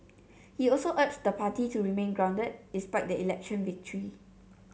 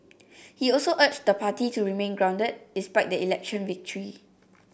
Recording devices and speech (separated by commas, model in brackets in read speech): mobile phone (Samsung C7), boundary microphone (BM630), read sentence